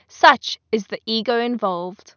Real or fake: real